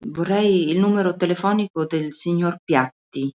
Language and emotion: Italian, neutral